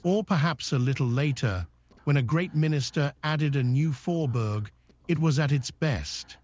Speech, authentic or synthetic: synthetic